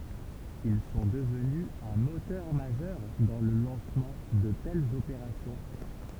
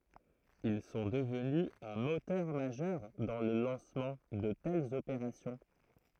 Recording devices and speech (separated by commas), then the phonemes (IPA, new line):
temple vibration pickup, throat microphone, read sentence
il sɔ̃ dəvny œ̃ motœʁ maʒœʁ dɑ̃ lə lɑ̃smɑ̃ də tɛlz opeʁasjɔ̃